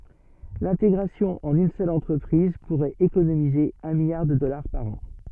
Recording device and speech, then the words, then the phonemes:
soft in-ear microphone, read sentence
L’intégration en une seule entreprise pourrait économiser un milliard de dollars par an.
lɛ̃teɡʁasjɔ̃ ɑ̃n yn sœl ɑ̃tʁəpʁiz puʁɛt ekonomize œ̃ miljaʁ də dɔlaʁ paʁ ɑ̃

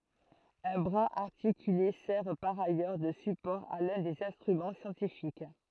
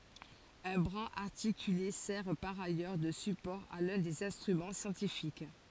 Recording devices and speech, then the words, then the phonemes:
throat microphone, forehead accelerometer, read sentence
Un bras articulé sert par ailleurs de support à l'un des instruments scientifiques.
œ̃ bʁaz aʁtikyle sɛʁ paʁ ajœʁ də sypɔʁ a lœ̃ dez ɛ̃stʁymɑ̃ sjɑ̃tifik

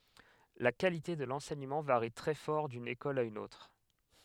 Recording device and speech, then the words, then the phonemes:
headset microphone, read sentence
La qualité de l'enseignement varie très fort d'une école à une autre.
la kalite də lɑ̃sɛɲəmɑ̃ vaʁi tʁɛ fɔʁ dyn ekɔl a yn otʁ

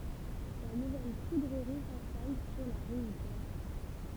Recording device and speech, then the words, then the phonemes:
temple vibration pickup, read sentence
La nouvelle poudrerie s'installe sur la rive droite.
la nuvɛl pudʁəʁi sɛ̃stal syʁ la ʁiv dʁwat

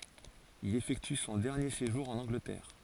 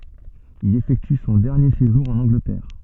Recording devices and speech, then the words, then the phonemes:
forehead accelerometer, soft in-ear microphone, read sentence
Il effectue son dernier séjour en Angleterre.
il efɛkty sɔ̃ dɛʁnje seʒuʁ ɑ̃n ɑ̃ɡlətɛʁ

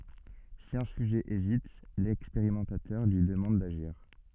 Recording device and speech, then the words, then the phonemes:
soft in-ear microphone, read sentence
Si un sujet hésite, l'expérimentateur lui demande d'agir.
si œ̃ syʒɛ ezit lɛkspeʁimɑ̃tatœʁ lyi dəmɑ̃d daʒiʁ

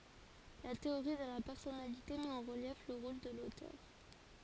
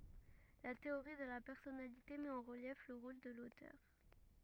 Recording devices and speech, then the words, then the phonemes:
forehead accelerometer, rigid in-ear microphone, read sentence
La théorie de la personnalité met en relief le rôle de l’auteur.
la teoʁi də la pɛʁsɔnalite mɛt ɑ̃ ʁəljɛf lə ʁol də lotœʁ

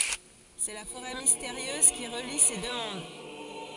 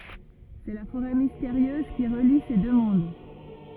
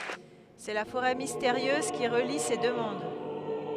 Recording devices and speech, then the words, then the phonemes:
forehead accelerometer, rigid in-ear microphone, headset microphone, read sentence
C'est la forêt mystérieuse qui relie ces deux mondes.
sɛ la foʁɛ misteʁjøz ki ʁəli se dø mɔ̃d

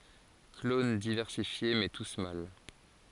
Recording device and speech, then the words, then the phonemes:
forehead accelerometer, read sentence
Clones diversifiés, mais tous mâles.
klon divɛʁsifje mɛ tus mal

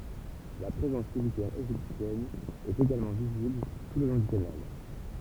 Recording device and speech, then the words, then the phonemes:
temple vibration pickup, read sentence
La présence militaire égyptienne est également visible tout le long du canal.
la pʁezɑ̃s militɛʁ eʒiptjɛn ɛt eɡalmɑ̃ vizibl tu lə lɔ̃ dy kanal

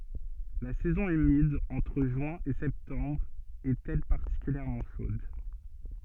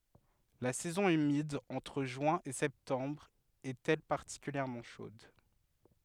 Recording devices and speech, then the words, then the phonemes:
soft in-ear microphone, headset microphone, read sentence
La saison humide, entre juin et septembre, est elle particulièrement chaude.
la sɛzɔ̃ ymid ɑ̃tʁ ʒyɛ̃ e sɛptɑ̃bʁ ɛt ɛl paʁtikyljɛʁmɑ̃ ʃod

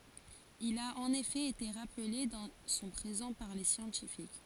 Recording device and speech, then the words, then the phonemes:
forehead accelerometer, read sentence
Il a en effet été rappelé dans son présent par les scientifiques.
il a ɑ̃n efɛ ete ʁaple dɑ̃ sɔ̃ pʁezɑ̃ paʁ le sjɑ̃tifik

